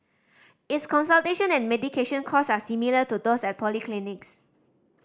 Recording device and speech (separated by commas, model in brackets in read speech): standing microphone (AKG C214), read sentence